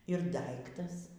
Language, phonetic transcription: Lithuanian, ir ˈdaiktas

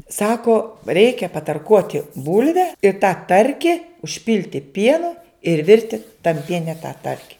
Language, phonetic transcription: Lithuanian, ˈsako ˈreikia patarˈkuoti ˈbulve i tą ˈtarki užˈpilti ˈpienu ir ˈvirti tam ˈpiene tą ˈtarki

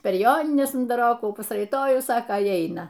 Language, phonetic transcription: Lithuanian, per ˈjonines undaˈrokų pasraiˈtojus ˈsaka i ˈaina

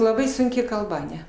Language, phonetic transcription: Lithuanian, laˈbai sunˈki kalˈba aˈne

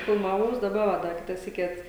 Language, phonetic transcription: Lithuanian, filmaˈvaus daˈba va ˈda ˈkita ˈsyki ˈat

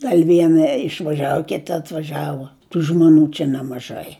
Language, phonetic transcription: Lithuanian, ˈgal' ˈviena išvaˈžiavu ˈkita atvaˈžiavu ˈtų žmoˈnių čia nemaˈžai

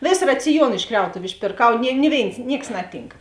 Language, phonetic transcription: Lithuanian, ˈvės raciˈjuon iš ˈkriautuviu išpėrˈkau ni ˈni ˌvėins ˈnieks ˈnaˌtynk

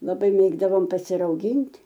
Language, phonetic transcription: Lithuanian, laˈbai ˈmėgdavom pasirauˈgint'

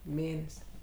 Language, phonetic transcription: Lithuanian, ˈmėnes'

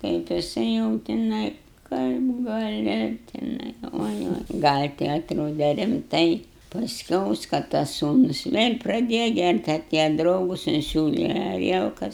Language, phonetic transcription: Lithuanian, kaip jiˈsai jau tiˈnai ˈkaip gaˈli tiˈnai ka ˈoi ˈoi gal' ti atˈrode rimˈtai pasˈkiaus ka tas ˈsūnus ˈvėl' praˈdėja ˈgært' aˈtėja ˈdraugus inˈsiūle aˈrielkas

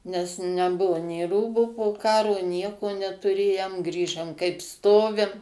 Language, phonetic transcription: Lithuanian, nes ˈnebuvu nėˈrūbų poˈkaro ˈnieko netuˈrėjam ˈgrįžam kaip ˈstovim

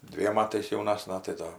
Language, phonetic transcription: Lithuanian, ˈdviem ˈmatais jauˈnasna tai ˈdo

